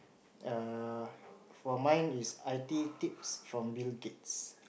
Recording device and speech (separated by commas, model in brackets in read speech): boundary microphone, conversation in the same room